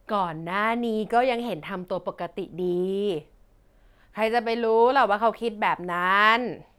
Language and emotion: Thai, frustrated